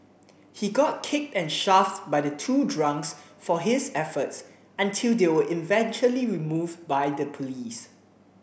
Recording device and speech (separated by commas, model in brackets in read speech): boundary microphone (BM630), read sentence